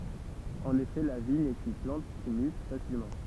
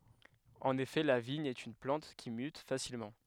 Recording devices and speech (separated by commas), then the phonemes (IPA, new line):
temple vibration pickup, headset microphone, read sentence
ɑ̃n efɛ la viɲ ɛt yn plɑ̃t ki myt fasilmɑ̃